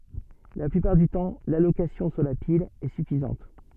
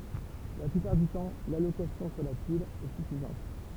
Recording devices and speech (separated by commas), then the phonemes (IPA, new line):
soft in-ear microphone, temple vibration pickup, read sentence
la plypaʁ dy tɑ̃ lalokasjɔ̃ syʁ la pil ɛ syfizɑ̃t